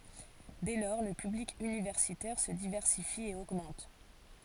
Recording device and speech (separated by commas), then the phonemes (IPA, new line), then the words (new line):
forehead accelerometer, read sentence
dɛ lɔʁ lə pyblik ynivɛʁsitɛʁ sə divɛʁsifi e oɡmɑ̃t
Dès lors, le public universitaire se diversifie et augmente.